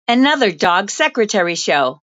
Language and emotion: English, disgusted